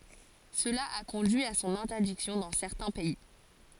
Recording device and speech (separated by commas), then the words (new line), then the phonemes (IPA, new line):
forehead accelerometer, read sentence
Cela a conduit à son interdiction dans certains pays.
səla a kɔ̃dyi a sɔ̃n ɛ̃tɛʁdiksjɔ̃ dɑ̃ sɛʁtɛ̃ pɛi